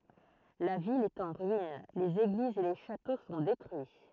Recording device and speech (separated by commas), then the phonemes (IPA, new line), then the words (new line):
throat microphone, read sentence
la vil ɛt ɑ̃ ʁyin lez eɡlizz e le ʃato sɔ̃ detʁyi
La ville est en ruine, les églises et les châteaux sont détruits.